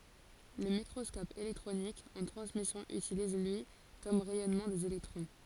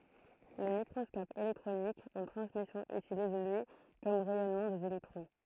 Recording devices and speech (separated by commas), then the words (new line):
forehead accelerometer, throat microphone, read sentence
Le microscope électronique en transmission utilise, lui, comme rayonnement des électrons.